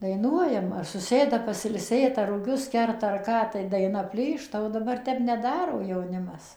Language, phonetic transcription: Lithuanian, daiˈnuojam ar suˈsėda pasilˈsėt ar ruˈgius ˈkerta ar ˈką tai daiˈna ˈplyšta o daˈbar ˈtep neˈdaro jauˈnimas

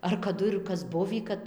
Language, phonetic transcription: Lithuanian, ar kaˈdu ir ˈkas ˈbuvį ˈkad

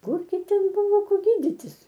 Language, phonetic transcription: Lithuanian, ˈkurgi ˈten ˈbuvo ˈko ˈgyditis

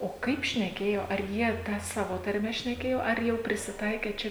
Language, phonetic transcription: Lithuanian, o ˈkaip šneˈkėjo ar ˈjie ˈtą ˈsavo tarˈme šneˈkėjo ar ˈjau prisiˈtaikė ˈčia

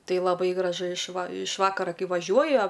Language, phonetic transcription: Lithuanian, ˈtai laˈbai graˈžu iš va iš ˈvakara ˈkai vaˈžiuoja

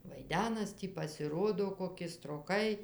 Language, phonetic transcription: Lithuanian, vaiˈdenas ˈtį pasiˈrodo koˈki stroˈkai

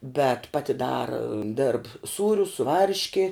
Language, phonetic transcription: Lithuanian, bet ˈpati ˈdara dėrb ˈsūrius su ˈvarški

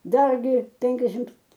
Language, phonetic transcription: Lithuanian, ˈdargi ˈpenkiašimt

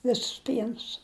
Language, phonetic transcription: Lithuanian, ˈvisus ˈpienus

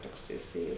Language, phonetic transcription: Lithuanian, ˈtoks jiˈsai

